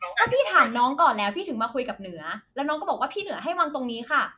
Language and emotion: Thai, angry